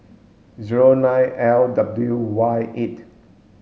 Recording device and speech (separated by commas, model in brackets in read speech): mobile phone (Samsung S8), read sentence